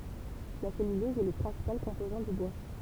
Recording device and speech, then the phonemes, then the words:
temple vibration pickup, read sentence
la sɛlylɔz ɛ lə pʁɛ̃sipal kɔ̃pozɑ̃ dy bwa
La cellulose est le principal composant du bois.

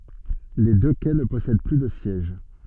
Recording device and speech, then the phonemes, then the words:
soft in-ear microphone, read sentence
le dø kɛ nə pɔsɛd ply də sjɛʒ
Les deux quais ne possèdent plus de sièges.

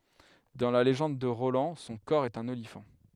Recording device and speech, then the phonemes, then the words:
headset microphone, read sentence
dɑ̃ la leʒɑ̃d də ʁolɑ̃ sɔ̃ kɔʁ ɛt œ̃n olifɑ̃
Dans la légende de Roland son cor est un olifant.

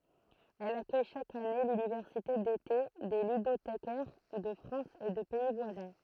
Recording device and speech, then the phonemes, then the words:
throat microphone, read sentence
ɛl akœj ʃak ane lynivɛʁsite dete de lydotekɛʁ də fʁɑ̃s e də pɛi vwazɛ̃
Elle accueille chaque année l'université d'été des ludothécaires de France et de pays voisins.

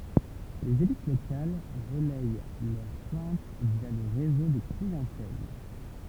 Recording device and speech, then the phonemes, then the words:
temple vibration pickup, read sentence
lez elit lokal ʁəlɛj lœʁ plɛ̃t vja lə ʁezo də kliɑ̃tɛl
Les élites locales relayent leurs plaintes via le réseau de clientèle.

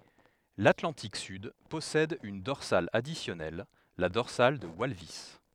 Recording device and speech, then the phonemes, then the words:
headset microphone, read sentence
latlɑ̃tik syd pɔsɛd yn dɔʁsal adisjɔnɛl la dɔʁsal də walvis
L'Atlantique sud possède une dorsale additionnelle, la dorsale de Walvis.

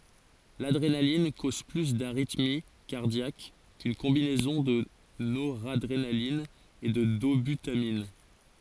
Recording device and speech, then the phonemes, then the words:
forehead accelerometer, read sentence
ladʁenalin koz ply daʁitmi kaʁdjak kyn kɔ̃binɛzɔ̃ də noʁadʁenalin e də dobytamin
L'adrénaline cause plus d'arythmie cardiaque qu'une combinaison de noradrénaline et de dobutamine.

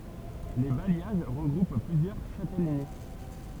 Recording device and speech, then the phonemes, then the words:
temple vibration pickup, read sentence
le bajjaʒ ʁəɡʁup plyzjœʁ ʃatɛləni
Les bailliages regroupent plusieurs châtellenies.

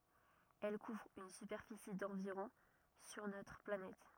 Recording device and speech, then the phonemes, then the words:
rigid in-ear microphone, read sentence
ɛl kuvʁ yn sypɛʁfisi dɑ̃viʁɔ̃ syʁ notʁ planɛt
Elle couvre une superficie d'environ sur notre planète.

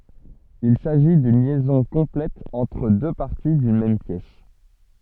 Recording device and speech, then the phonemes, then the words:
soft in-ear microphone, read sentence
il saʒi dyn ljɛzɔ̃ kɔ̃plɛt ɑ̃tʁ dø paʁti dyn mɛm pjɛs
Il s'agit d'une liaison complète entre deux parties d'une même pièce.

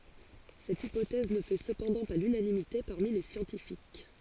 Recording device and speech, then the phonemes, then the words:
forehead accelerometer, read sentence
sɛt ipotɛz nə fɛ səpɑ̃dɑ̃ pa lynanimite paʁmi le sjɑ̃tifik
Cette hypothèse ne fait cependant pas l'unanimité parmi les scientifiques.

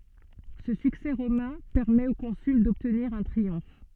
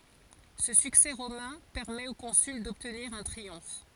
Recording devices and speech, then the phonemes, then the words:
soft in-ear microphone, forehead accelerometer, read sentence
sə syksɛ ʁomɛ̃ pɛʁmɛt o kɔ̃syl dɔbtniʁ œ̃ tʁiɔ̃f
Ce succès romain permet au consul d'obtenir un triomphe.

